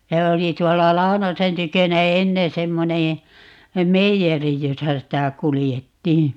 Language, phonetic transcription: Finnish, ja 'oli 'tuolla "Lau̬nosen 'tykönä "ennen̬ 'semmoneè , "meijeri 'josa 'sitä "kulijettii .
- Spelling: ja oli tuolla Launosen tykönä ennen semmoinen meijeri jossa sitä kuljettiin

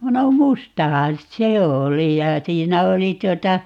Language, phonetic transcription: Finnish, 'no "mustahan "se 'oli ja 'siinä 'oli 'tuota ,.
- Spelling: no mustahan se oli ja siinä oli tuota

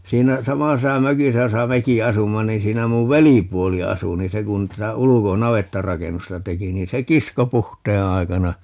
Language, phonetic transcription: Finnish, 'siinä 'samasesa "mökisä 'josa "meki 'asumma niin̬ 'siinä muv "velipuoli 'asu ni "se kun 'tätä "uluko - "navettarakennusta 'teki niin se "kisko 'puhtee 'ai̮kana , .
- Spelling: siinä samaisessa mökissä jossa mekin asumme niin siinä minun velipuoli asui niin se kun tätä - navettarakennusta teki niin se kiskoi puhteen aikana

